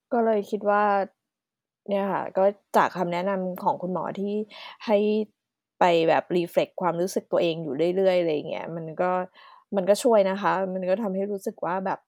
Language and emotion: Thai, sad